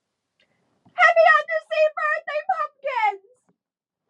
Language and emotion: English, sad